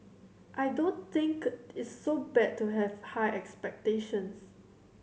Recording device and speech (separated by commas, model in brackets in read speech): mobile phone (Samsung C7100), read sentence